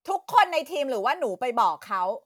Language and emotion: Thai, angry